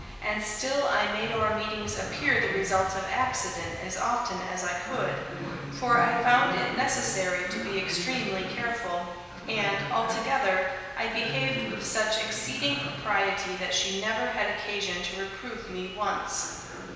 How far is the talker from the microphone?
1.7 m.